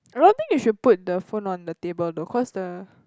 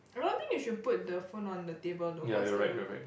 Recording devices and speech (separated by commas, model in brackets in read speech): close-talking microphone, boundary microphone, conversation in the same room